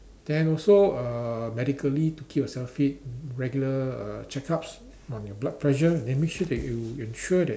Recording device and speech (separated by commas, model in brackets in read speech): standing microphone, conversation in separate rooms